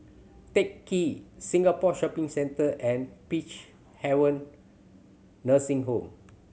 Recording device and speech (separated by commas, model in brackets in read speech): mobile phone (Samsung C7100), read sentence